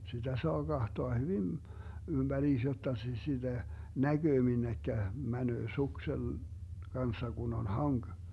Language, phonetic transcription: Finnish, sitä 'soa "Gahtoa hyvin , 'ymBäriis jotta sis - 'siDä , "näGöö 'minnekkä , 'mänöö 'suksel- , 'Ganssa Gun ‿on "haŋG .
- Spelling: sitä saa katsoa hyvin ympäriinsä jotta - sitä näkee minne menee suksen kanssa kun on hanki

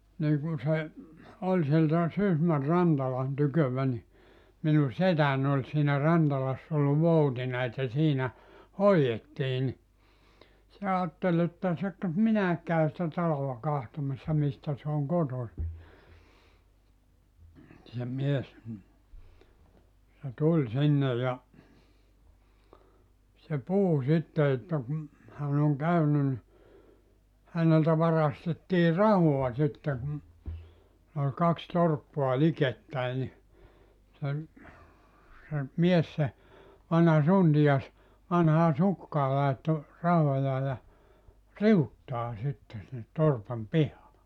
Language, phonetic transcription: Finnish, 'nii kun se , 'oĺ sieltä , 'Sysmär̆ "Rantalan 'tykövä ni , minu "setän ‿oĺ siinä 'Rantalass ‿ol 'voutina että 'siinä , "hoi₍ettii ni , se 'aattel ‿että se ‿k- , 'minäek käy sⁱtä 'talolla 'kahtomassa 'mistä se oŋ "kotosi , se 'mies m̥ , se 'tuĺ 'sinne ja , se 'puhu 'sitte että kum , 'hän ‿oŋ 'käyny nⁱ , 'häneltä 'varastettii "rahoa sitte kum , ol "kaks 'torppoa "likettäi ni , sen , se , 'mies se , 'vanha "suntijas , 'vanhaa "sukkaa 'laetto , 'rahojaa ja , "riuttaa 'sitte sinnet "torpam "pihaa .
- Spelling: niin kun se oli sieltä Sysmän Rantalan tyköä niin minun setäni oli siinä Rantalassa oli voutina että siinä hoidettiin niin se ajatteli että se - minäkin käyn sitä talolla katsomassa mistä se on kotoisin se mies mm se tuli sinne ja se puhui sitten että kun hän on käynyt niin häneltä varastettiin rahaa sitten kun oli kaksi torppaa likettäin niin sen se mies se vanha suntio vanhaan sukkaan laittoi rahojaan ja riuttaan sitten sinne torpan pihaan

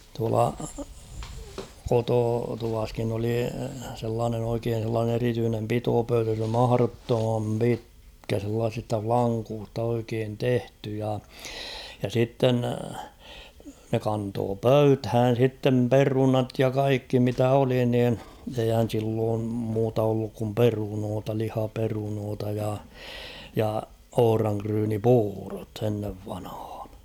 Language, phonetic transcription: Finnish, tuala , 'kototuvaskin ‿oli sellaanen ‿oikeen̬ sellaanen ‿erityynem 'pitopöytä [s ‿oli] 'maharottomam "pitkä sellaasista "flaŋkuust ‿oikeen 'tehty ja , ja 'sitten , ne 'kantoo ''pöythään̬ sittem "perunat ja 'kaikki mitä 'oli niin , eihän̬ silloom muuta olluk kum "perunoota 'lihaperunoota ja , ja "ohᵒraŋkryyni'puurot ennev vanhᴀᴀɴ .
- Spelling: tuolla kototuvassakin oli sellainen oikein sellainen erityinen pitopöytä se oli mahdottoman pitkä sellaisista lankusta oikein tehty ja ja sitten ne kantoi pöytään sitten perunat ja kaikki mitä oli niin eihän silloin muuta ollut kuin perunoita lihaperunoita ja ja ohranryynipuurot ennen vanhaan

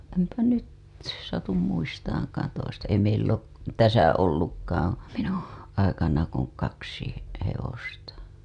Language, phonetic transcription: Finnish, empä 'nyt , satum 'muistaaŋkaan toista , ei meill ‿oot täsä "ollukkaaa̰ , minuṵ , aikana kuŋ 'kaksi , he- , hevosta .
- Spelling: en nyt satu muistamaankaan toista ei meillä ole tässä ollutkaan minun aikana kuin kaksi - hevosta

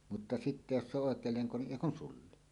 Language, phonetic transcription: Finnish, mutta "sitte "jos se ‿oˀ 'ˀòek̀eel 'leŋko niˀ "ˀèi kun "sulli .
- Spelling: mutta sitten jos se on oikein lenko niin ei kun sulli

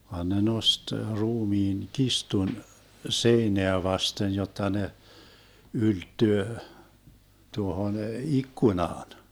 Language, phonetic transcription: Finnish, van ne 'nost 'ruumiin , "kistun , 'seineä 'vasten 'jotta ne , 'ylttyö , 'tuohon "ikkunaan .
- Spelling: vaan ne nosti ruumiin kirstun seinää vasten jotta ne ylettyy tuohon ikkunaan

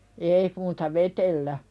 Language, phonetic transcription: Finnish, 'èi muuta "vetellä .
- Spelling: ei muuta vedellä

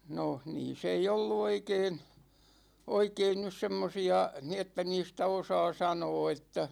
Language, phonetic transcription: Finnish, 'no , 'niis ‿ei "ollu 'oikeen , 'oikeen nys 'semmosi₍a , ni että 'niistä "osaa 'sanoo että ,.
- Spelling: no niissä ei ollut oikein oikein nyt semmoisia niin että niistä osaa sanoa että

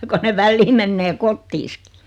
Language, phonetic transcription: Finnish, ko ne 'vällii mennee "kottiiskɪ .
- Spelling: kun ne välillä menee kotiinsakin

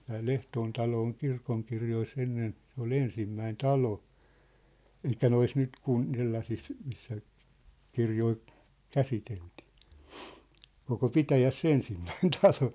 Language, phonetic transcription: Finnish, tää "ʟehtoon talo oŋ 'kirkoŋkirjoi's ‿ennen , se ‿ol "ensimmäin "talo , elik̆kä 'nois 'nyt 'kun- , 'sellasis , missä , 'kirjoi , "käsiteltɪɪ , 'koko "pitäjäs"s ‿ensimmäin 'talo .
- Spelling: tämä Lehtoon talo on kirkonkirjoissa ennen se oli ensimmäinen talo eli noissa nyt - sellaisissa missä kirjoja käsiteltiin koko pitäjässä ensimmäinen talo

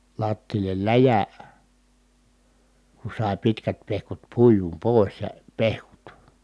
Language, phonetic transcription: Finnish, lattiillel läjä , ku sài̮ pitkät pehkut puijum pòis ja , pehkut .
- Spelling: lattialle läjä kun sai pitkät pehkut puitua pois ja pehkut

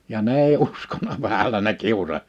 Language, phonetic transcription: Finnish, ja 'ne ‿ei 'uskona vähälä ne 'kiusa(s) .
- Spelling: ja ne ei uskonut vähällä ne kiusasi

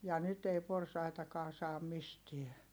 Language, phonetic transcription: Finnish, ja nyt ‿ei porsaitakaa saam mistiɛ .
- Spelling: ja nyt ei porsaitakaan saa mistään

